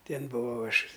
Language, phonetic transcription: Lithuanian, ˈtėn buˈvau ˈaš

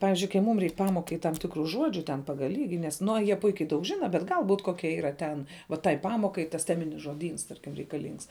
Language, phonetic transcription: Lithuanian, ˈpavizdžiui kai ˈmūm ˈreik ˈpamokai tam ˈtikru ˈžuodžiu ten ˈpagal ˈlygi nes nu o jie ˈpuikiai daug ˈžina bet ˈgal būt ˈkokia yˈra ten va tai ˈpamokai tas ˈteminis žoˈdyns ˈ tarkim reikaˈlyngs

